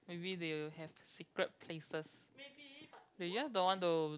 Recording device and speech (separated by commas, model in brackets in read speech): close-talking microphone, conversation in the same room